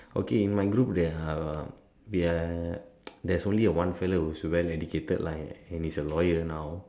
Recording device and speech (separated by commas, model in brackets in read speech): standing microphone, conversation in separate rooms